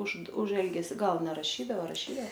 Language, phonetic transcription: Lithuanian, už už ˈelgesi ˈgal neraˈšydao raˈšyda

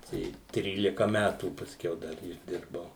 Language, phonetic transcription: Lithuanian, ˈtai ˈtrylika ˈmætų pasˈkiau ˈdar išˈdirbau

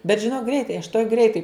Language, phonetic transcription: Lithuanian, bet žiˈnok ˈgreitai aš tuoj ˈgreitai

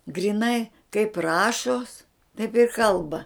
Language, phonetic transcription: Lithuanian, gryˈnai kaip ˈrašos taip ir ˈkalba

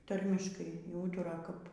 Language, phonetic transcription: Lithuanian, ˈtarmiškai y ˈūtura kap

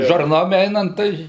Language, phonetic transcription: Lithuanian, žarˈnom ˈeinant ˈtai

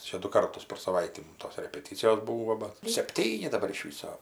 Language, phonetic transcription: Lithuanian, ˈčia du ˈkartus per saˈvaitį ˈmum tos repeˈtycijos ˈbūvo ba sepˈtyni daˈbar iš ˈvyso

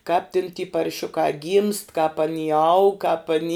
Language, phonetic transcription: Lithuanian, kāp tin ty parˈšiuka gymst kāp aˈny aug kāp aˈny

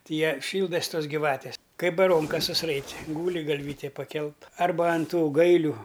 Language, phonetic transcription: Lithuanian, ti ˈje ˈšyldas ˈtos' gyˈvatės ˈkai baˈronkas susˈraiti ˈgūli galˈvytė paˈkelt ˈarba an ˈtų ˈgailiu

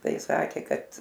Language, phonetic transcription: Lithuanian, ˈtai ˈsakė ˈkad

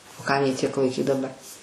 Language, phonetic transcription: Lithuanian, o ˈkam jį ˈtiek laiˈkyt daˈbar

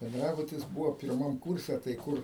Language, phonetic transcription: Lithuanian, benˈdrabutis ˈbūvo pirˈmam ˈkūrse tai ˈkur

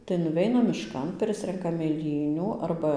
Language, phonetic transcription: Lithuanian, tai nuˈveinam mišˈkan ˈprisrenkam mėˈlynių ˈarba

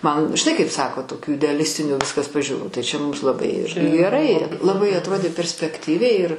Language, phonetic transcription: Lithuanian, ˈman žiˈnai kaip ˈsako toˈkių ideaˈlistinių ˈviskas pažiūˈrų tai ˈčia ˈmums laˈbai ˈirgi geˈrai laˈbai atˈrodė perspekˈtyviai ir

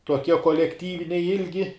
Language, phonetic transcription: Lithuanian, tuoˈkie kolekˈtyviniai ˈilgi

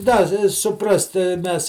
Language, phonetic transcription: Lithuanian, ˈda i suˈprast ti ˈmes

